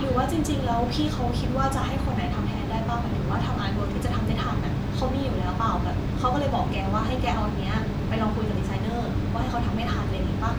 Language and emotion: Thai, neutral